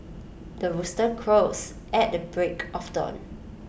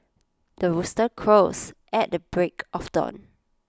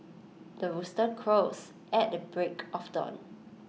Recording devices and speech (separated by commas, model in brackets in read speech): boundary microphone (BM630), close-talking microphone (WH20), mobile phone (iPhone 6), read sentence